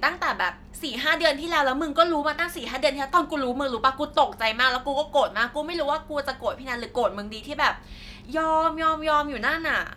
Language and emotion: Thai, frustrated